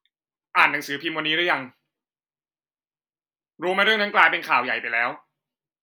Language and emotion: Thai, angry